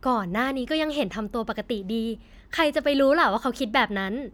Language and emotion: Thai, happy